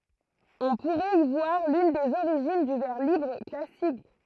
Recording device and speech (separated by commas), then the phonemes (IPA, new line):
throat microphone, read sentence
ɔ̃ puʁɛt i vwaʁ lyn dez oʁiʒin dy vɛʁ libʁ klasik